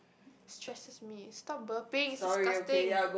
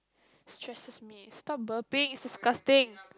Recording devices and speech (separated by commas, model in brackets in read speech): boundary microphone, close-talking microphone, conversation in the same room